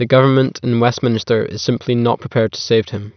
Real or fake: real